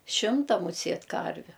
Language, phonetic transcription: Lithuanian, ˈšimta muˈsėt ˈkarviu

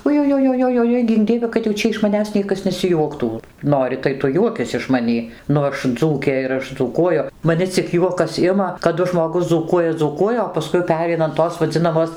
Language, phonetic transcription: Lithuanian, ujujojojoˈjoi ˈgink ˈdieve kad jau ˈčia iš maˈnęs ˈniekas nesiˈjuoktų ˈnori tai ˈtu ˈjuokis iš maˈnį ˈnu ˈaš ˈdzūkė ir ˈaš dzūˈkuoju maˈni cik ˈjuokas ˈima kaˈdu žmoˈgus dzūˈkuoja dzūˈkuoja o paˈskui ˈpereina an ˈtos vaˈdzinamos

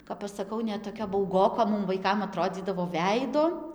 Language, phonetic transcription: Lithuanian, kap aš saˈkau net toˈkia bauˈgoko ˈmum vaiˈkam aˈtrodzydavo ˈveido

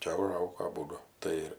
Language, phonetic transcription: Lithuanian, ˈčia uˈžaugo aˈbūdu ˈtai ir

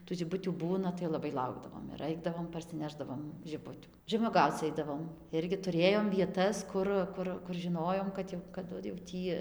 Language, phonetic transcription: Lithuanian, tų žiˈbutių ˈbūna tai laˈbai ˈlaukdavom ir ˈaidavom parsiˈnešdavom žiˈbutių žemuoˈgauc ˈaidavom ˈirgi tuˈrėjom vieˈtas ˈkur ˈkur kur žiˈnojom kad ˈjau kaˈdu jau ˈtį

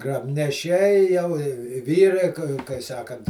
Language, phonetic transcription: Lithuanian, grabneˈšiai jau i i ˈvyrai kai kai ˈsakant

